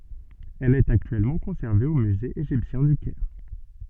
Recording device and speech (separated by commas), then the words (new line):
soft in-ear microphone, read sentence
Elle est actuellement conservée au Musée égyptien du Caire.